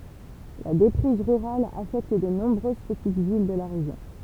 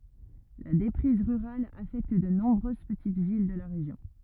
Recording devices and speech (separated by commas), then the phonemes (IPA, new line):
temple vibration pickup, rigid in-ear microphone, read sentence
la depʁiz ʁyʁal afɛkt də nɔ̃bʁøz pətit vil də la ʁeʒjɔ̃